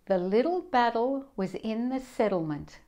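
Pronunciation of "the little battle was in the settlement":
This sentence is said the American and Australian way, not the British way.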